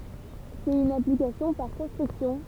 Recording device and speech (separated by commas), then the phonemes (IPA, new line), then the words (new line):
temple vibration pickup, read sentence
sɛt yn aplikasjɔ̃ paʁ kɔ̃stʁyksjɔ̃
C'est une application par construction.